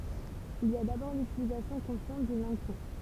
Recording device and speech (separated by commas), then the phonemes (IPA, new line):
temple vibration pickup, read sentence
il i a dabɔʁ lytilizasjɔ̃ kɔ̃sjɑ̃t dyn lɑ̃ɡ pɔ̃